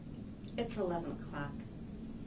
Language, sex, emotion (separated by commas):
English, female, neutral